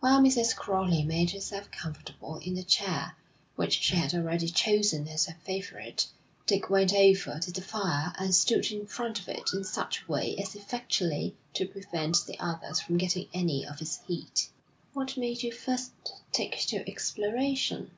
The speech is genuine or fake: genuine